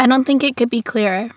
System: none